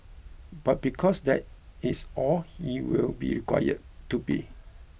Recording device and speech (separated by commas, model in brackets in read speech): boundary microphone (BM630), read sentence